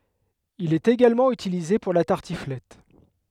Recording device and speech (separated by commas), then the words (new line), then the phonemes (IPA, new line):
headset microphone, read sentence
Il est également utilisé pour la tartiflette.
il ɛt eɡalmɑ̃ ytilize puʁ la taʁtiflɛt